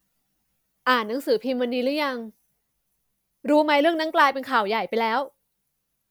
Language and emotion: Thai, neutral